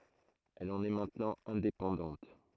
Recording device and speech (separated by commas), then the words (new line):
throat microphone, read sentence
Elle en est maintenant indépendante.